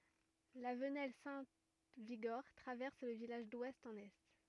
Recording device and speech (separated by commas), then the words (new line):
rigid in-ear microphone, read sentence
La venelle Saint-Vigor traverse le village d'ouest en est.